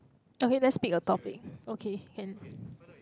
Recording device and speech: close-talking microphone, conversation in the same room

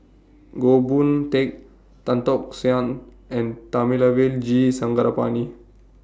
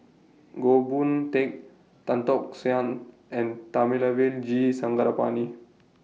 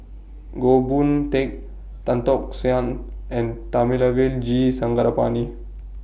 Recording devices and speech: standing microphone (AKG C214), mobile phone (iPhone 6), boundary microphone (BM630), read sentence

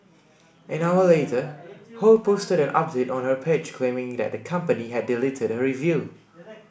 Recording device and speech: boundary microphone (BM630), read sentence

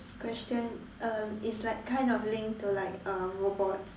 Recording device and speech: standing microphone, conversation in separate rooms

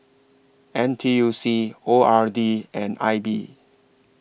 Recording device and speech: boundary microphone (BM630), read sentence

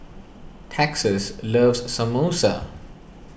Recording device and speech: boundary microphone (BM630), read sentence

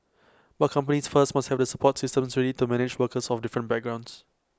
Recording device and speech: close-talking microphone (WH20), read sentence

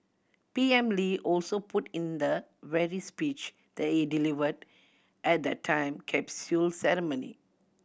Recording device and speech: boundary microphone (BM630), read sentence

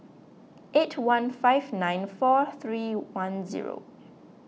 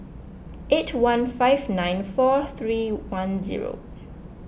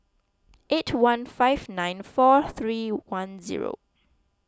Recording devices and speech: mobile phone (iPhone 6), boundary microphone (BM630), close-talking microphone (WH20), read sentence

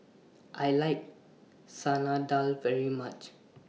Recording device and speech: mobile phone (iPhone 6), read sentence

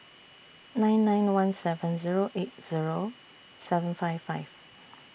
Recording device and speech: boundary microphone (BM630), read sentence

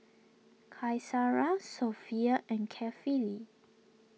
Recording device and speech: mobile phone (iPhone 6), read sentence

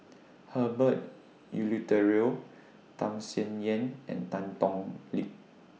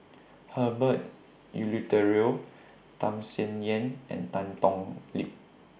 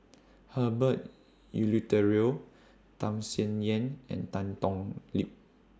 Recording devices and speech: mobile phone (iPhone 6), boundary microphone (BM630), standing microphone (AKG C214), read sentence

